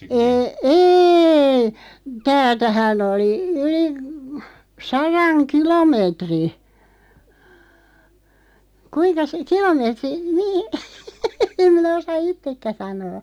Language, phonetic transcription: Finnish, e- 'êi , 'täältähän ‿oli , 'yli , "saraŋ "kilomeetri , 'kuiŋkas , 'kilomeetri , 'nii , 'em minä osa "ittekkä 'sanoo .
- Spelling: - ei täältähän oli yli sadan kilometrin kuinkas kilometri niin en minä osaa itsekään sanoa

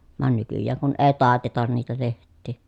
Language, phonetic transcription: Finnish, van nykyjjääŋ kun ee tàetetan niitä leht̆tii .
- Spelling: vaan nykyään kun ei taiteta niitä lehtiä

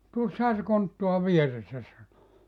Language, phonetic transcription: Finnish, » "tuossaha se 'konttua "vieressä « sano .
- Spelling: tuossahan se konttaa vieressä sanoi

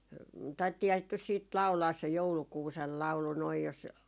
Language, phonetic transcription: Finnish, 'taittiihaa sit nys 'siit "lau̬laas se , "joulukuusel 'lau̬lu noij jos ,.
- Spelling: taidettiinhan sitä nyt sitten laulaa se joulukuusen laulu noin jos

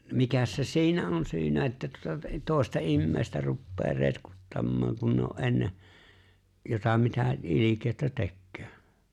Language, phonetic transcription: Finnish, 'mikäs se "si̬inä '’on 'syynä että tuᵒta t- 'tòesta "immeeⁱstä ruppee 'retkuttammaaŋ kun ne ‿o’ '’en̬ne , jota mitä '’ilikèö̭ttä "tekköö .
- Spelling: mikäs se siinä on syynä että tuota - toista ihmistä rupeaa retkuttamaan kun ne on ennen jota mitä ilkeyttä tekee

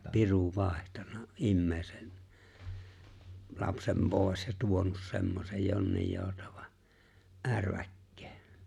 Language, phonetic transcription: Finnish, 'piru 'vài̬htanna , '’immeeⁱsen , 'lapsem 'pòi̬s ja 'tuonus 'semmosej 'jonnij 'jòutᴀᴠᴀ , "’ärväkkᴇᴇ .
- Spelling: piru vaihtanut ihmisen lapsen pois ja tuonut semmoisen jonnin joutavan ärväkkeen

